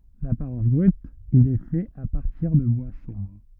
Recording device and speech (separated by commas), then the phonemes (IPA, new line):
rigid in-ear microphone, read sentence
dapaʁɑ̃s bʁyt il ɛ fɛt a paʁtiʁ də bwa sɔ̃bʁ